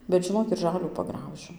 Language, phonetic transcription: Lithuanian, bet žiˈnok ir ˈžalių paˈgraužiu

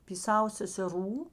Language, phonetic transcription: Lithuanian, py ˈsavo seseˈrų

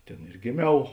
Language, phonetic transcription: Lithuanian, ˈtėn ir giˈmiau

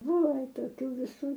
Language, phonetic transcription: Lithuanian, ˈbuvo ˈva toˈkių viˈsų

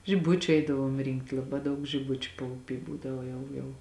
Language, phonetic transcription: Lithuanian, žiˈbučiu ˈeidavuom ˈrinkt laˈbā ˈdaug žiˈbučiu pauˈpy ˈbūdava ˈjau jau

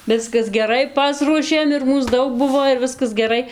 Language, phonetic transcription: Lithuanian, ˈviskas geˈrai ˈpasruošėm ir ˈmūs ˈdaug ˈbuvo ir ˈviskas geˈrai

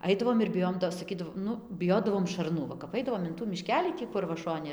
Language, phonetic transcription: Lithuanian, ˈaidavom ir biˈjojom ˈto saˈkydavo ˈnu biˈjodavom šarˈnu ˈva kap ˈaidavom in tų miˈškelį ˈtį kur va ˈšoni

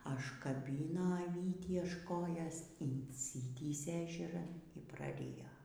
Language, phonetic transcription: Lithuanian, ažkaˈbyno aˈvytį až ˈkojos insiˈtįsė ežeˈran y praˈrijo

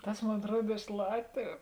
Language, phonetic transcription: Lithuanian, ˈtas ˈmon atˈruod iš ˈlatviu

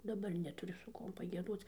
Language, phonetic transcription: Lithuanian, daˈbar netuˈriu su ˈkuom pagieˈdoc

